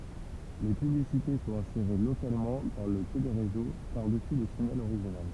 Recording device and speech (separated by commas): temple vibration pickup, read sentence